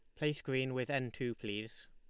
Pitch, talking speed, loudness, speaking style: 130 Hz, 210 wpm, -38 LUFS, Lombard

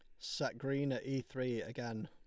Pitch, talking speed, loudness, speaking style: 130 Hz, 195 wpm, -39 LUFS, Lombard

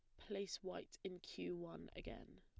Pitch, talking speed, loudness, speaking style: 180 Hz, 165 wpm, -50 LUFS, plain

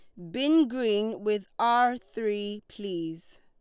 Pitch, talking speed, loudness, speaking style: 210 Hz, 115 wpm, -28 LUFS, Lombard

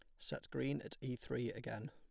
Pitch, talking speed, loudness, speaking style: 125 Hz, 210 wpm, -44 LUFS, plain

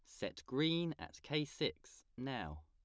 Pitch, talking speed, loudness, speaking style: 140 Hz, 150 wpm, -41 LUFS, plain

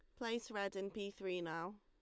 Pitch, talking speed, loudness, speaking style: 200 Hz, 225 wpm, -44 LUFS, Lombard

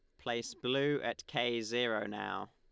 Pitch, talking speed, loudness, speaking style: 120 Hz, 155 wpm, -36 LUFS, Lombard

